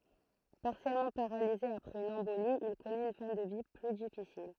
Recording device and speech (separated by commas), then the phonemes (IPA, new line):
throat microphone, read sentence
paʁsjɛlmɑ̃ paʁalize apʁɛz yn ɑ̃boli il kɔnɛt yn fɛ̃ də vi ply difisil